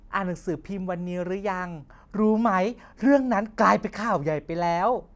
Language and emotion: Thai, happy